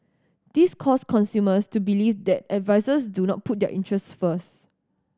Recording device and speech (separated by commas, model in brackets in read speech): standing microphone (AKG C214), read sentence